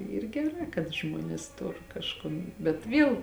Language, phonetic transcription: Lithuanian, ˈyr geˈrā kad ˈžmuonės ˈtor kažˈkon bet ˈviel

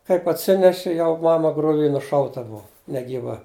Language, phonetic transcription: Lithuanian, kaip atˈsineši ˈjau ˈmama gruˈvy nuˈšauta ˈbua negyˈva

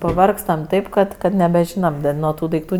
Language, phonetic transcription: Lithuanian, paˈvargstam ˈtaip kad kad nebeˈžynam nuo ˈtų daikˈtų

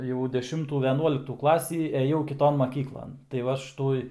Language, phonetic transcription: Lithuanian, jau deˈšimtų veˈnuoliktų ˈklasį eˈjau kiˈton maˈkyklan tai ˈva ˈaš ˈtuoj

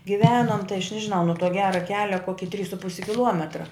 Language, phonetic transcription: Lithuanian, giˈvenom tai aš ˈnežiˌnau nu tuo ˈgera ˈkelia ˈkoki trys su ˈpusi kiˈluometra

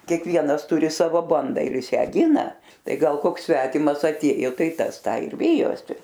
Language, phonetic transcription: Lithuanian, kiekˈvienas ˈturi ˈsavo ˈbanda ir ˈjis ˈją ˈgina ˈtai ˈgal ˈkoks ˈsvetimas atˈėjo ˈtai ˈtas ˈtą ir ˈvijosi

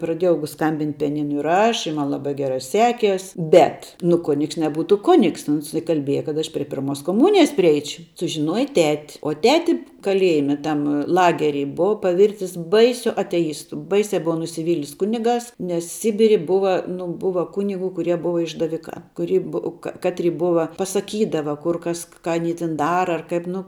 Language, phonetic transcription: Lithuanian, praˈdėjau ˈskambint' pijaˈninu ir ˈaš i ˈman laˈbai geˈrai ˈsekies ˈbet nu ˈkunigs neˈbūtu ˈkunigs ˈuns ikalˈbieja kad ˈaš prie ˈpirmos koˈmūnijas priˈeič' sužiˈnuoja tet' o ˈteti kaˈliejime ˈtam ˈlageri ˈbuva paˈvirtis ˈbaisiu ateˈjistu ˈbaisia ˈbuva nusiˈvylis ˈkunigās nes ˈsibiri ˈbuva ˈnu ˈbuva ˈkunigu kuˈrie ˈbuva išdaˈvikā kuˈry bu ka ˈkatry ˈbuva pasaˈkydava ˈkur ˈkas ka aˈny tin ˈdara ar ˈkaip ˈnu

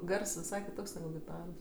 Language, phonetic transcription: Lithuanian, ˈgars viˈsai kiˈtoks neˈgu giˈtaros

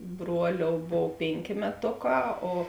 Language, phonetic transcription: Lithuanian, ˈbruoˌliou ˈbov ˈpėnˌkė meˈtoˌkā o

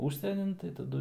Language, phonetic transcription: Lithuanian, ˈūžsienin tai taˈdu

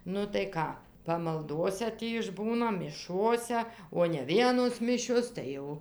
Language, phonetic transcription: Lithuanian, ˈnu tai ˈką pamalˈdose ˈtį išˈbūna miˈšose o ne ˈvienos ˈmišios ˈtai jau

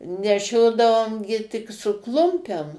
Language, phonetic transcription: Lithuanian, neˈšiodavom gi tik su ˈklumpem

